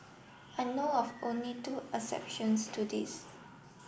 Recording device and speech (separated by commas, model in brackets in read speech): boundary microphone (BM630), read sentence